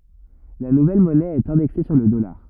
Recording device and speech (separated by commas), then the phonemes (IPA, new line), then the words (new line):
rigid in-ear microphone, read sentence
la nuvɛl mɔnɛ ɛt ɛ̃dɛkse syʁ lə dɔlaʁ
La nouvelle monnaie est indexée sur le dollar.